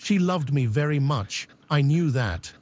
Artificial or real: artificial